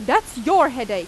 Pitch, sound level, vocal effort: 275 Hz, 96 dB SPL, very loud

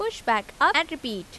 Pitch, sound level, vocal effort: 315 Hz, 88 dB SPL, normal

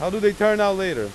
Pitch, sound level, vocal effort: 205 Hz, 98 dB SPL, very loud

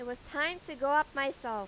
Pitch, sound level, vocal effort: 280 Hz, 95 dB SPL, loud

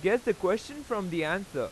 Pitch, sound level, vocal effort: 200 Hz, 94 dB SPL, loud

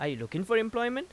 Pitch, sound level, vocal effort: 225 Hz, 91 dB SPL, loud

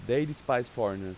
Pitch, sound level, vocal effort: 125 Hz, 91 dB SPL, loud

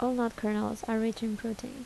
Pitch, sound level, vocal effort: 225 Hz, 75 dB SPL, soft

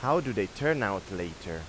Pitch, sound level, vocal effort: 95 Hz, 90 dB SPL, loud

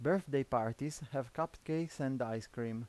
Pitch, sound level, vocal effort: 135 Hz, 86 dB SPL, normal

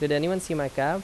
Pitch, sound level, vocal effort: 150 Hz, 86 dB SPL, loud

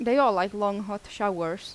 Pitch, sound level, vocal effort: 205 Hz, 85 dB SPL, normal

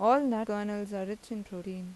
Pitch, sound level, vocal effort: 205 Hz, 86 dB SPL, normal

